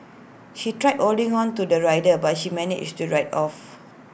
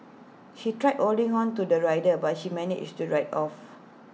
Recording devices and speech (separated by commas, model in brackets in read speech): boundary microphone (BM630), mobile phone (iPhone 6), read sentence